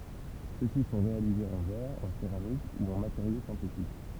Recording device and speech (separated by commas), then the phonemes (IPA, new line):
temple vibration pickup, read sentence
søksi sɔ̃ ʁealizez ɑ̃ vɛʁ ɑ̃ seʁamik u ɑ̃ mateʁjo sɛ̃tetik